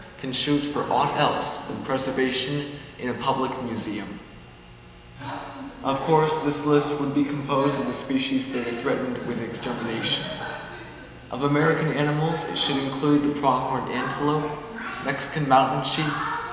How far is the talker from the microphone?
1.7 m.